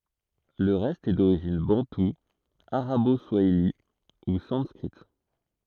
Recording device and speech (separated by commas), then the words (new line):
throat microphone, read sentence
Le reste est d'origine bantou, arabo-swahili ou sanskrite.